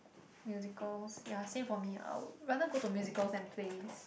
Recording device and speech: boundary microphone, conversation in the same room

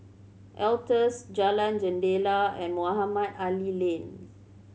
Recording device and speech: mobile phone (Samsung C7100), read sentence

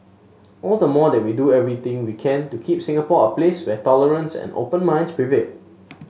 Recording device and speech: mobile phone (Samsung S8), read sentence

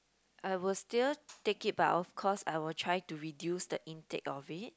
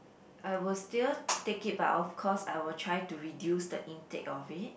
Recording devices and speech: close-talking microphone, boundary microphone, conversation in the same room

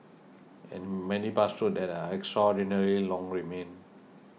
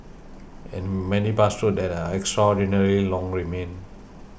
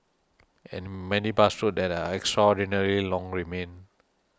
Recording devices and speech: mobile phone (iPhone 6), boundary microphone (BM630), standing microphone (AKG C214), read sentence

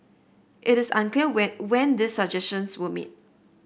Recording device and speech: boundary microphone (BM630), read sentence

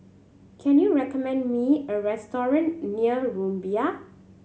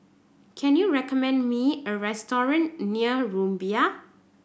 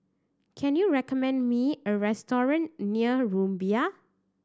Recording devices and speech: mobile phone (Samsung C7100), boundary microphone (BM630), standing microphone (AKG C214), read sentence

